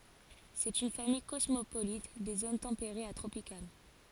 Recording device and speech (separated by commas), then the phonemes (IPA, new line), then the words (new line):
forehead accelerometer, read sentence
sɛt yn famij kɔsmopolit de zon tɑ̃peʁez a tʁopikal
C'est une famille cosmopolite des zones tempérées à tropicales.